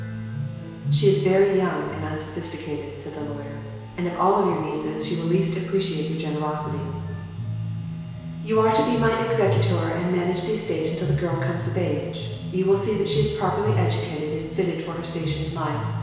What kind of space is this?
A very reverberant large room.